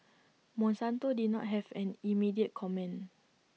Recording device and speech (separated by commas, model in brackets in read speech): mobile phone (iPhone 6), read sentence